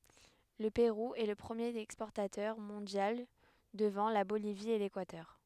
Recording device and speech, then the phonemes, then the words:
headset microphone, read sentence
lə peʁu ɛ lə pʁəmjeʁ ɛkspɔʁtatœʁ mɔ̃djal dəvɑ̃ la bolivi e lekwatœʁ
Le Pérou est le premier exportateur mondial devant la Bolivie et l'Équateur.

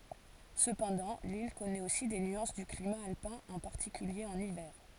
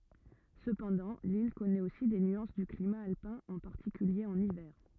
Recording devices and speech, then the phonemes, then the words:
forehead accelerometer, rigid in-ear microphone, read sentence
səpɑ̃dɑ̃ lil kɔnɛt osi de nyɑ̃s dy klima alpɛ̃ ɑ̃ paʁtikylje ɑ̃n ivɛʁ
Cependant, l’île connaît aussi des nuances du climat alpin, en particulier en hiver.

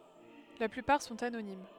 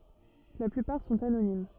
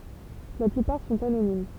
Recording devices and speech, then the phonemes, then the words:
headset microphone, rigid in-ear microphone, temple vibration pickup, read sentence
la plypaʁ sɔ̃t anonim
La plupart sont anonymes.

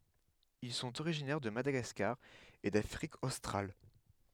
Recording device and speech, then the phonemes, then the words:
headset microphone, read sentence
il sɔ̃t oʁiʒinɛʁ də madaɡaskaʁ e dafʁik ostʁal
Ils sont originaires de Madagascar et d'Afrique australe.

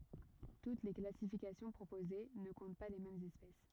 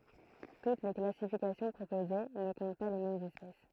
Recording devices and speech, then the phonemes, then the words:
rigid in-ear microphone, throat microphone, read sentence
tut le klasifikasjɔ̃ pʁopoze nə kɔ̃t pa le mɛmz ɛspɛs
Toutes les classifications proposées ne comptent pas les mêmes espèces.

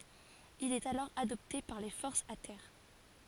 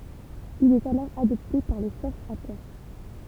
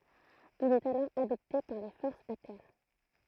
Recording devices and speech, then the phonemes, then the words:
forehead accelerometer, temple vibration pickup, throat microphone, read sentence
il ɛt alɔʁ adɔpte paʁ le fɔʁsz a tɛʁ
Il est alors adopté par les forces à terre.

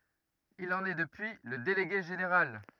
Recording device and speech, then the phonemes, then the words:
rigid in-ear microphone, read sentence
il ɑ̃n ɛ dəpyi lə deleɡe ʒeneʁal
Il en est depuis le délégué général.

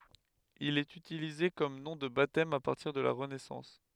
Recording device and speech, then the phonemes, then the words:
headset microphone, read sentence
il ɛt ytilize kɔm nɔ̃ də batɛm a paʁtiʁ də la ʁənɛsɑ̃s
Il est utilisé comme nom de baptême à partir de la Renaissance.

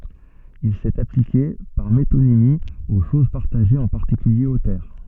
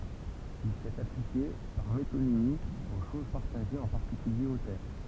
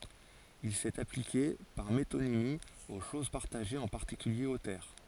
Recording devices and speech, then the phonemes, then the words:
soft in-ear microphone, temple vibration pickup, forehead accelerometer, read sentence
il sɛt aplike paʁ metonimi o ʃoz paʁtaʒez ɑ̃ paʁtikylje o tɛʁ
Il s'est appliqué, par métonymie, aux choses partagées, en particulier aux terres.

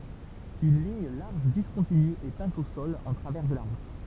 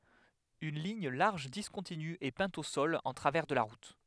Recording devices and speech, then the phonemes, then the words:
temple vibration pickup, headset microphone, read sentence
yn liɲ laʁʒ diskɔ̃tiny ɛ pɛ̃t o sɔl ɑ̃ tʁavɛʁ də la ʁut
Une ligne large discontinue est peinte au sol en travers de la route.

